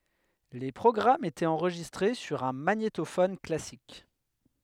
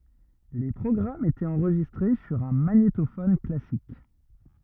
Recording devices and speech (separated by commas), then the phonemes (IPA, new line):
headset microphone, rigid in-ear microphone, read sentence
le pʁɔɡʁamz etɛt ɑ̃ʁʒistʁe syʁ œ̃ maɲetofɔn klasik